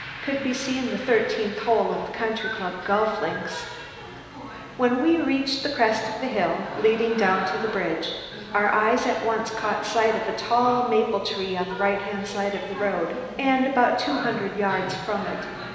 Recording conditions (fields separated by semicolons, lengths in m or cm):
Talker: one person; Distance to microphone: 1.7 m; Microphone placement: close; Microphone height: 1.0 m; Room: very reverberant, large; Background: television